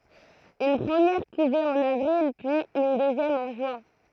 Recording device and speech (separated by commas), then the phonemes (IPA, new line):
throat microphone, read sentence
yn pʁəmjɛʁ kuve ɑ̃n avʁil pyiz yn døzjɛm ɑ̃ ʒyɛ̃